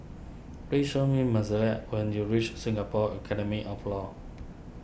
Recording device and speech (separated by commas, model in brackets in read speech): boundary microphone (BM630), read sentence